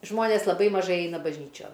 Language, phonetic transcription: Lithuanian, ˈžmonės laˈbai maˈžai ˈeina bažˈnyčion

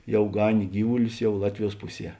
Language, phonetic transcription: Lithuanian, ˈjau ˈganė ˈgyvulius ˈjau ˈlatviˌjuos ˈpuˌsie

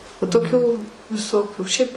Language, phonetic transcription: Lithuanian, va toˈkių viˈsokių šiaip

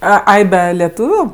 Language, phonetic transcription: Lithuanian, ˈa ˈai ˈbe leˈtūviu

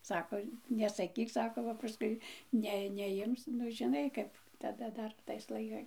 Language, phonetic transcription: Lithuanian, ˈsako nesaˈkyk ˈsako ba paˈskui ˈne neˈjims nu žiˈnai kap taˈda ˈdar tais laiˈkai

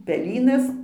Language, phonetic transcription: Lithuanian, peˈlynas

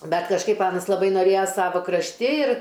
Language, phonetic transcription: Lithuanian, ˈbet kažˈkaip ˈanas laˈbai noˈrėja ˈsavo krašˈti ir

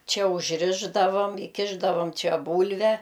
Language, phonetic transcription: Lithuanian, ˈčia užˈrišdavom iˈkišdavom ˈčia ˈbūlve

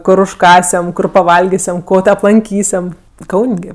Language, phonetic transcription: Lithuanian, ˈkor užˈkąsiam ˈkur paˈvalgisiam ˈko tė aplanˈkysiam ˈkaun' gi

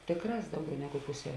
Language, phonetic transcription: Lithuanian, ˈtėkˌrās ˈdauˌgiau ˈnegu ˈpuse

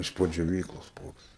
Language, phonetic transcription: Lithuanian, iš ˈpo džioˈvyklos ˈpoks

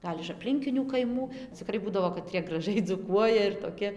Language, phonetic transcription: Lithuanian, ˈgal' iš apˈlinkinių kaiˈmų ciˈkrai ˈbūdavo kaˈtrie graˈžai dzūˈkuoja ir toˈki

